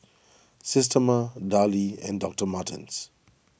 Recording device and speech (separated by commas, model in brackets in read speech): boundary microphone (BM630), read sentence